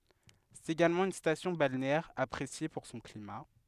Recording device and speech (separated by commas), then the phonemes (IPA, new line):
headset microphone, read sentence
sɛt eɡalmɑ̃ yn stasjɔ̃ balneɛʁ apʁesje puʁ sɔ̃ klima